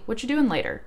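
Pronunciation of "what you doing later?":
This is fast speech: instead of a full 'what are you', the start is reduced to 'whatcha' in 'whatcha doing later?'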